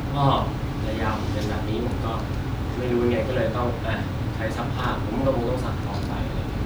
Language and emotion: Thai, frustrated